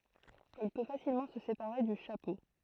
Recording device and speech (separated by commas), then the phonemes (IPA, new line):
throat microphone, read sentence
il pø fasilmɑ̃ sə sepaʁe dy ʃapo